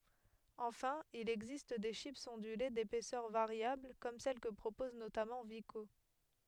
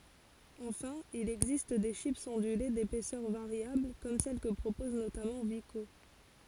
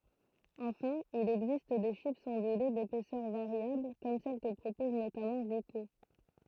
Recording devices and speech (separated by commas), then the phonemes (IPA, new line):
headset microphone, forehead accelerometer, throat microphone, read sentence
ɑ̃fɛ̃ il ɛɡzist de ʃipz ɔ̃dyle depɛsœʁ vaʁjabl kɔm sɛl kə pʁopɔz notamɑ̃ viko